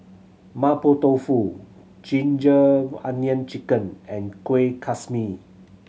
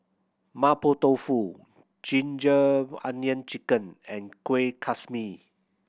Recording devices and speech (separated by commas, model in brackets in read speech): mobile phone (Samsung C7100), boundary microphone (BM630), read sentence